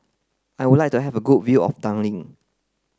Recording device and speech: close-talking microphone (WH30), read sentence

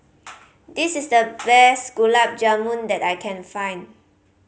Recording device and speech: mobile phone (Samsung C5010), read sentence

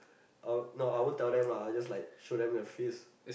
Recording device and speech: boundary microphone, conversation in the same room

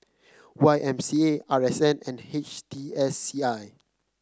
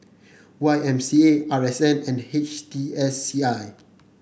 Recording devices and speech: close-talking microphone (WH30), boundary microphone (BM630), read sentence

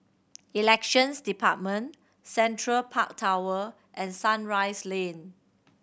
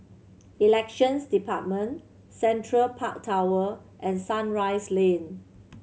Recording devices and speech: boundary microphone (BM630), mobile phone (Samsung C7100), read sentence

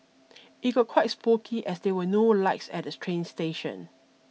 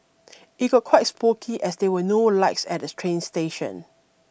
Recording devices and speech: mobile phone (iPhone 6), boundary microphone (BM630), read sentence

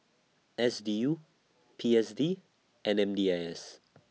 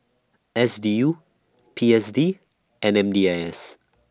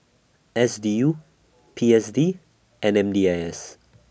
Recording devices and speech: mobile phone (iPhone 6), standing microphone (AKG C214), boundary microphone (BM630), read sentence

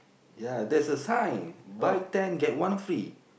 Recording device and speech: boundary microphone, conversation in the same room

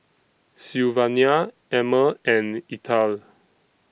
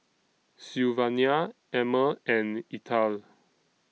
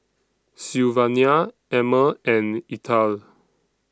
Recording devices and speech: boundary microphone (BM630), mobile phone (iPhone 6), standing microphone (AKG C214), read sentence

